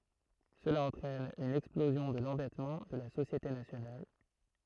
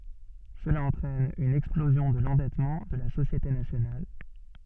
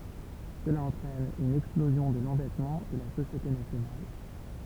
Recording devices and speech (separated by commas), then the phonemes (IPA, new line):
throat microphone, soft in-ear microphone, temple vibration pickup, read sentence
səla ɑ̃tʁɛn yn ɛksplozjɔ̃ də lɑ̃dɛtmɑ̃ də la sosjete nasjonal